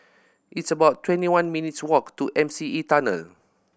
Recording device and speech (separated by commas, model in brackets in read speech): boundary microphone (BM630), read sentence